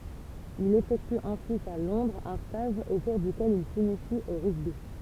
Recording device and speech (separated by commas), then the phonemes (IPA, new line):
temple vibration pickup, read sentence
il efɛkty ɑ̃syit a lɔ̃dʁz œ̃ staʒ o kuʁ dykɛl il sinisi o ʁyɡbi